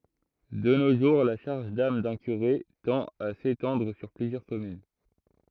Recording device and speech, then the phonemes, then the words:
throat microphone, read sentence
də no ʒuʁ la ʃaʁʒ dam dœ̃ kyʁe tɑ̃t a setɑ̃dʁ syʁ plyzjœʁ kɔmyn
De nos jours, la charge d'âme d'un curé tend à s'étendre sur plusieurs communes.

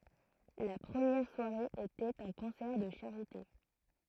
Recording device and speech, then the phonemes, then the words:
throat microphone, read sentence
la pʁəmjɛʁ swaʁe etɛt œ̃ kɔ̃sɛʁ də ʃaʁite
La première soirée était un concert de charité.

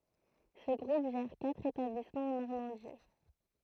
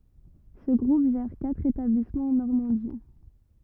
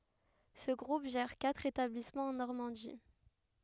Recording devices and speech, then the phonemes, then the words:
throat microphone, rigid in-ear microphone, headset microphone, read sentence
sə ɡʁup ʒɛʁ katʁ etablismɑ̃z ɑ̃ nɔʁmɑ̃di
Ce groupe gère quatre établissements en Normandie.

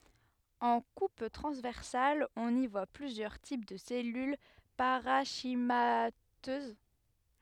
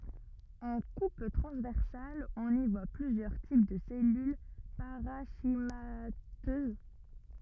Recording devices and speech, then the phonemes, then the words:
headset microphone, rigid in-ear microphone, read sentence
ɑ̃ kup tʁɑ̃zvɛʁsal ɔ̃n i vwa plyzjœʁ tip də sɛlyl paʁɑ̃ʃimatøz
En coupe transversale on y voit plusieurs types de cellules parenchymateuses.

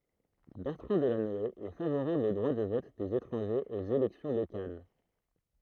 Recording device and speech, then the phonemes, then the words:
throat microphone, read sentence
bɛʁtʁɑ̃ dəlanɔe ɛ favoʁabl o dʁwa də vɔt dez etʁɑ̃ʒez oz elɛksjɔ̃ lokal
Bertrand Delanoë est favorable au droit de vote des étrangers aux élections locales.

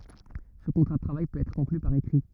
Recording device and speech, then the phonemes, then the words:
rigid in-ear microphone, read sentence
sə kɔ̃tʁa də tʁavaj pøt ɛtʁ kɔ̃kly paʁ ekʁi
Ce contrat de travail peut être conclu par écrit.

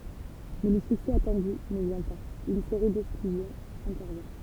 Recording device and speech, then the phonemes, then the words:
temple vibration pickup, read sentence
mɛ lə syksɛ atɑ̃dy nə vjɛ̃ paz yn seʁi dɛksklyzjɔ̃z ɛ̃tɛʁvjɛ̃
Mais le succès attendu ne vient pas, une série d'exclusions intervient.

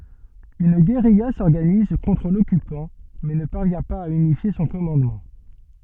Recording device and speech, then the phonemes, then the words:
soft in-ear microphone, read sentence
yn ɡeʁija sɔʁɡaniz kɔ̃tʁ lɔkypɑ̃ mɛ nə paʁvjɛ̃ paz a ynifje sɔ̃ kɔmɑ̃dmɑ̃
Une guérilla s'organise contre l'occupant mais ne parvient pas à unifier son commandement.

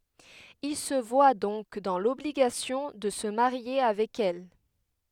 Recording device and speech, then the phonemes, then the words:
headset microphone, read sentence
il sə vwa dɔ̃k dɑ̃ lɔbliɡasjɔ̃ də sə maʁje avɛk ɛl
Il se voit donc dans l’obligation de se marier avec elle.

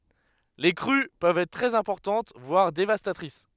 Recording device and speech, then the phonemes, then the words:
headset microphone, read sentence
le kʁy pøvt ɛtʁ tʁɛz ɛ̃pɔʁtɑ̃t vwaʁ devastatʁis
Les crues peuvent être très importantes, voire dévastatrices.

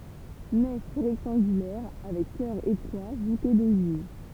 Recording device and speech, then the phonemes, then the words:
temple vibration pickup, read sentence
nɛf ʁɛktɑ̃ɡylɛʁ avɛk kœʁ etʁwa vute doʒiv
Nef rectangulaire avec chœur étroit voûté d'ogives.

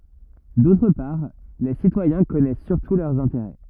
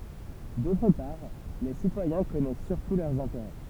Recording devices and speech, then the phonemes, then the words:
rigid in-ear microphone, temple vibration pickup, read sentence
dotʁ paʁ le sitwajɛ̃ kɔnɛs syʁtu lœʁz ɛ̃teʁɛ
D'autre part, les citoyens connaissent surtout leurs intérêts.

